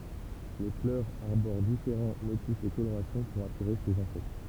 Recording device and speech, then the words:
temple vibration pickup, read sentence
Les fleurs arborent différents motifs et colorations pour attirer ces insectes.

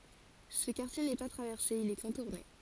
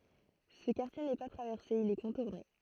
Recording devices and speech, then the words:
forehead accelerometer, throat microphone, read sentence
Ce quartier n’est pas traversé, il est contourné.

